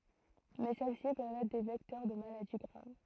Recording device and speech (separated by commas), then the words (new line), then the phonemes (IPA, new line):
throat microphone, read sentence
Mais celles-ci peuvent être des vecteurs de maladies graves.
mɛ sɛl si pøvt ɛtʁ de vɛktœʁ də maladi ɡʁav